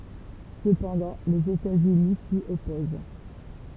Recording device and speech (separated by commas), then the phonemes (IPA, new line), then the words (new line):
temple vibration pickup, read sentence
səpɑ̃dɑ̃ lez etatsyni si ɔpoz
Cependant, les États-Unis s'y opposent.